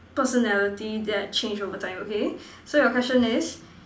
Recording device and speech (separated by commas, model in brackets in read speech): standing microphone, conversation in separate rooms